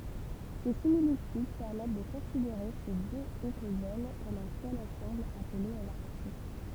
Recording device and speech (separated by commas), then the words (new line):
temple vibration pickup, read sentence
Ces similitudes permettent de considérer ces deux écozones comme un seul ensemble appelé Holarctique.